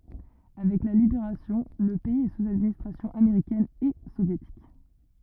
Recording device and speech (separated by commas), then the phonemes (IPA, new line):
rigid in-ear microphone, read sentence
avɛk la libeʁasjɔ̃ lə pɛiz ɛ suz administʁasjɔ̃ ameʁikɛn e sovjetik